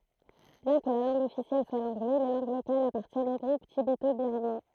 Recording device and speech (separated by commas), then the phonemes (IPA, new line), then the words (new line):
throat microphone, read sentence
bjɛ̃ kə la lɑ̃ɡ ɔfisjɛl swa lɑ̃ɡlɛ le lɑ̃ɡ lokalz apaʁtjɛnt o ɡʁup tibeto biʁmɑ̃
Bien que la langue officielle soit l'anglais, les langues locales appartiennent au groupe tibéto-birman.